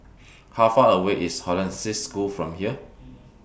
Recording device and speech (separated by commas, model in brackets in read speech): boundary microphone (BM630), read sentence